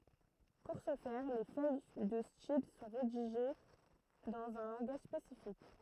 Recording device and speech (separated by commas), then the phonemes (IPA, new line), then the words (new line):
throat microphone, read sentence
puʁ sə fɛʁ le fœj də stil sɔ̃ ʁediʒe dɑ̃z œ̃ lɑ̃ɡaʒ spesifik
Pour ce faire, les feuilles de style sont rédigées dans un langage spécifique.